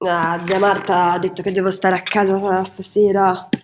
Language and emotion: Italian, disgusted